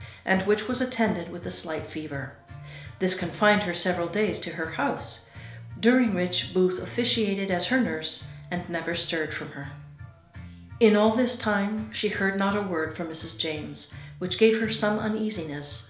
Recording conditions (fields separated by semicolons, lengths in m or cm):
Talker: one person; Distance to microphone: 1.0 m; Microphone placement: close; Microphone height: 1.1 m; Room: small (3.7 m by 2.7 m); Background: music